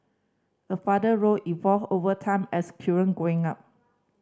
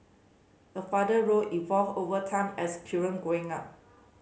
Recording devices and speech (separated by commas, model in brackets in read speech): standing microphone (AKG C214), mobile phone (Samsung C5010), read sentence